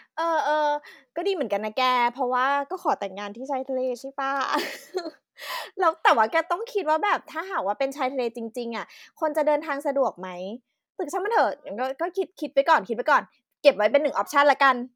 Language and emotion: Thai, happy